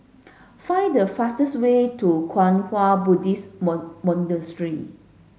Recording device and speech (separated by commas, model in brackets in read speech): mobile phone (Samsung S8), read sentence